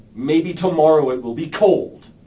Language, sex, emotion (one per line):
English
male
angry